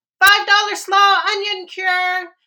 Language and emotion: English, happy